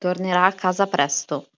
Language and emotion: Italian, neutral